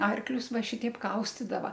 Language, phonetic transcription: Lithuanian, ˈarklius ˈva ˈšiteip ˈkaustidava

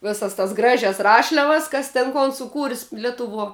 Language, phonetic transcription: Lithuanian, ˈvėsas tas ˈgražias ˈrašliavas ˈkas ten ˈkon suˈkūr's' ˈletuvuo

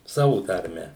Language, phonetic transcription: Lithuanian, ˈsavu tarˈme

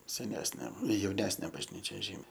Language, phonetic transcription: Lithuanian, seˈnesnė jauˈnesnė bažˈnyčia ˈžymiai

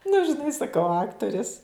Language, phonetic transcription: Lithuanian, nu žiˈnai saˈkau ˈaktoris

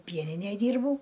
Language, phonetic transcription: Lithuanian, ˈpieninæj ˈdyrbau

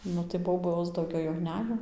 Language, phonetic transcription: Lithuanian, ˈnu tai ˈbobos dauˈgiau jau ˈnejo

